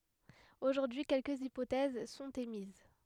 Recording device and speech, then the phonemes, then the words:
headset microphone, read sentence
oʒuʁdyi kɛlkəz ipotɛz sɔ̃t emiz
Aujourd'hui quelques hypothèses sont émises.

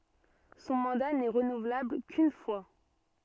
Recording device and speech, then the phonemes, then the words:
soft in-ear microphone, read sentence
sɔ̃ mɑ̃da nɛ ʁənuvlabl kyn fwa
Son mandat n'est renouvelable qu'une fois.

